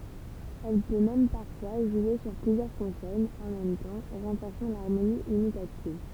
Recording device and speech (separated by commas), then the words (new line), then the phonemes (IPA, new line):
temple vibration pickup, read sentence
Elle peut même parfois jouer sur plusieurs consonnes en même temps, renforçant l'harmonie imitative.
ɛl pø mɛm paʁfwa ʒwe syʁ plyzjœʁ kɔ̃sɔnz ɑ̃ mɛm tɑ̃ ʁɑ̃fɔʁsɑ̃ laʁmoni imitativ